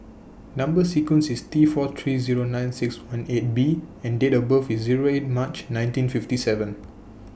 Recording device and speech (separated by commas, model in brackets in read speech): boundary microphone (BM630), read sentence